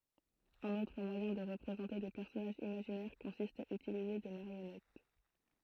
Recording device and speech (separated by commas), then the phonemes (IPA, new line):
throat microphone, read sentence
œ̃n otʁ mwajɛ̃ də ʁəpʁezɑ̃te de pɛʁsɔnaʒz imaʒinɛʁ kɔ̃sist a ytilize de maʁjɔnɛt